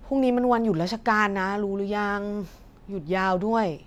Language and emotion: Thai, frustrated